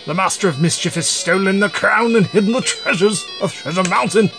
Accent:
upper-crust accent